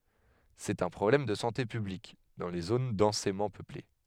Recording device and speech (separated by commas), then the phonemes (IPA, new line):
headset microphone, read sentence
sɛt œ̃ pʁɔblɛm də sɑ̃te pyblik dɑ̃ le zon dɑ̃semɑ̃ pøple